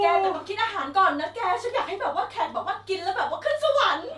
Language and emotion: Thai, happy